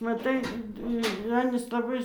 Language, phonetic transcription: Lithuanian, maˈtai ir ˈanys laˈbai

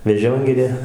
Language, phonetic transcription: Lithuanian, veˈžiongirė

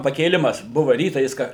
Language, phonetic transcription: Lithuanian, pakėˈlimas ˈbuva ˈrytą jis ˈka

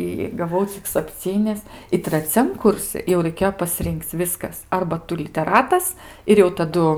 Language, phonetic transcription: Lithuanian, i gaˈvau cik sapˈcynis i traˈciam ˈkursi jau raiˈkėjo paˈsrin'k'c ˈviskas ˈarba ˈtu liteˈratas ir jau taˈdu

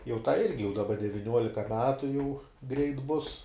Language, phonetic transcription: Lithuanian, jau tai ˈirgi jau daˈba deviˈniuolika ˈmetu jau greit ˈbus

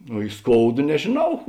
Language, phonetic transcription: Lithuanian, o i ˈskouda nežėˈnau

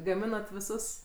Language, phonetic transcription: Lithuanian, gaˈminat viˈsus

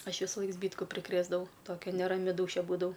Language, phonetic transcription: Lithuanian, ˈaš visuˈlaik ˈzbytku priˈkrėsdavau ˈtokia neraˈmi ˈdūšia ˈbūdavau

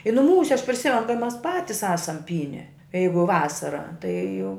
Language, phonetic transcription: Lithuanian, i nuˈmūse aš priˈsimen kai ˈmes ˈpatis ˈasam ˈpyne ˈjeigu ˈvasara tai jau

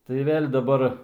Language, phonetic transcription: Lithuanian, tai ˈvėl' daˈbar

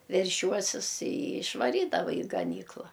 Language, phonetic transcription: Lithuanian, verˈšiuosis i išvaˈrydava i gaˈnykla

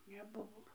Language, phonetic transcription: Lithuanian, neˈbuvo

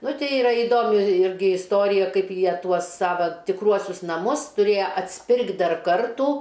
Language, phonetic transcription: Lithuanian, ˈnu ˈtei iˈra iˈdomi ˈirgi isˈtorija ˈkaip ˈjie ˈtuos ˈsava tikˈruosius naˈmus tuˈrėja atsˈpirkt' ˈdar ˈkartu

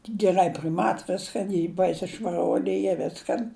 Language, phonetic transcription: Lithuanian, geˈrai priˈmat ˈviskan i ˈbaisi švaˈruoli ˈy ˈviskan

